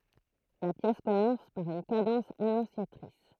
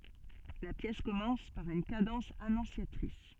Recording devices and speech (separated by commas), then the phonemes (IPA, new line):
throat microphone, soft in-ear microphone, read sentence
la pjɛs kɔmɑ̃s paʁ yn kadɑ̃s anɔ̃sjatʁis